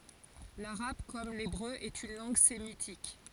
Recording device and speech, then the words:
forehead accelerometer, read sentence
L'arabe, comme l'hébreu, est une langue sémitique.

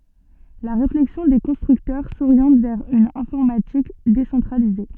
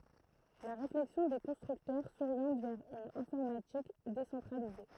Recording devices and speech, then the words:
soft in-ear microphone, throat microphone, read sentence
La réflexion des constructeurs s'oriente vers une informatique décentralisée.

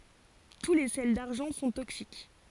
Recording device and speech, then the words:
forehead accelerometer, read sentence
Tous les sels d'argent sont toxiques.

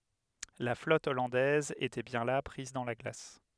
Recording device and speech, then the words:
headset microphone, read sentence
La flotte hollandaise était bien là, prise dans la glace.

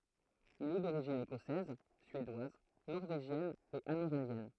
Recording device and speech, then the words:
throat microphone, read sentence
Il est d'origine écossaise, suédoise, norvégienne et amérindienne.

